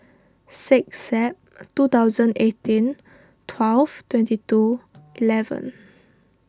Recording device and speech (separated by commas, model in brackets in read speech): standing microphone (AKG C214), read sentence